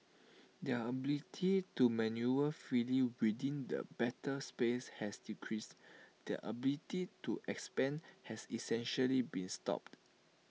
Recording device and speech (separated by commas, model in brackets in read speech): mobile phone (iPhone 6), read sentence